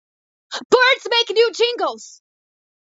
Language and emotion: English, surprised